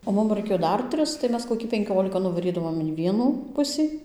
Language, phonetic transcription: Lithuanian, o ˈmum raiˈkėjo ˈdar ˈtris tai ˈmes koˈkį penˈkiolika nuvaˈrydavom in ˈvienų ˈpusį

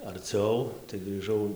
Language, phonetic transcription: Lithuanian, arˈciau tai grįˈžau

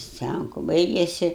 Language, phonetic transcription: Lithuanian, ˈscænku ˈbaigėsi

